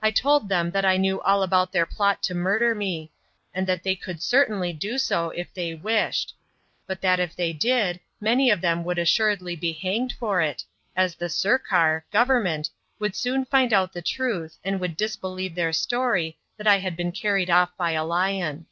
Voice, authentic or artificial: authentic